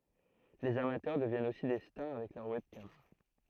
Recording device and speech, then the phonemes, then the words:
throat microphone, read sentence
lez amatœʁ dəvjɛnt osi de staʁ avɛk lœʁ wɛbkam
Les amateurs deviennent aussi des stars avec leur webcam.

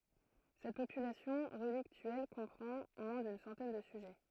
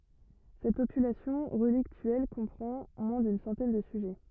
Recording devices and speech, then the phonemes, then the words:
throat microphone, rigid in-ear microphone, read sentence
sɛt popylasjɔ̃ ʁəliktyɛl kɔ̃pʁɑ̃ mwɛ̃ dyn sɑ̃tɛn də syʒɛ
Cette population relictuelle comprend moins d'une centaine de sujets.

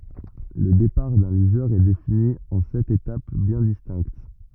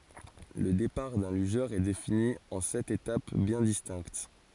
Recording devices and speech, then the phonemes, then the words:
rigid in-ear microphone, forehead accelerometer, read sentence
lə depaʁ dœ̃ lyʒœʁ ɛ defini ɑ̃ sɛt etap bjɛ̃ distɛ̃kt
Le départ d'un lugeur est défini en sept étapes bien distinctes.

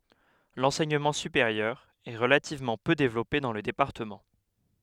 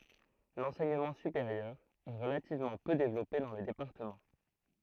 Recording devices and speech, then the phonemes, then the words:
headset microphone, throat microphone, read sentence
lɑ̃sɛɲəmɑ̃ sypeʁjœʁ ɛ ʁəlativmɑ̃ pø devlɔpe dɑ̃ lə depaʁtəmɑ̃
L'enseignement supérieur est relativement peu développé dans le département.

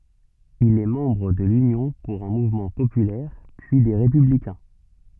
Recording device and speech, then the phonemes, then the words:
soft in-ear microphone, read sentence
il ɛ mɑ̃bʁ də lynjɔ̃ puʁ œ̃ muvmɑ̃ popylɛʁ pyi de ʁepyblikɛ̃
Il est membre de l'Union pour un mouvement populaire, puis des Républicains.

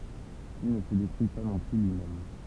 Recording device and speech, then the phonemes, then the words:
temple vibration pickup, read sentence
il nə sə detʁyi pa nɔ̃ ply lyimɛm
Il ne se détruit pas non plus lui-même.

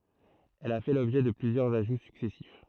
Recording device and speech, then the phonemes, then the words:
throat microphone, read sentence
ɛl a fɛ lɔbʒɛ də plyzjœʁz aʒu syksɛsif
Elle a fait l'objet de plusieurs ajouts successifs.

